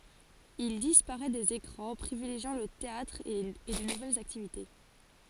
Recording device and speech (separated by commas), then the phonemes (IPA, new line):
forehead accelerometer, read sentence
il dispaʁɛ dez ekʁɑ̃ pʁivileʒjɑ̃ lə teatʁ e də nuvɛlz aktivite